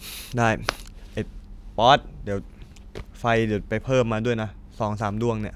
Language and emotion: Thai, frustrated